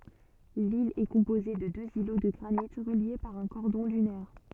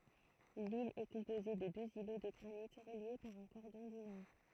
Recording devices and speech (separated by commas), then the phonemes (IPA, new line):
soft in-ear microphone, throat microphone, read sentence
lil ɛ kɔ̃poze də døz ilo də ɡʁanit ʁəlje paʁ œ̃ kɔʁdɔ̃ dynɛʁ